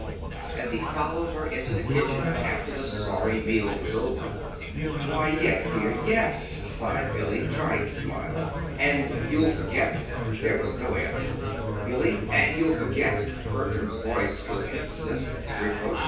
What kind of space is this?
A large space.